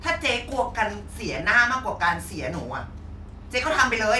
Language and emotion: Thai, angry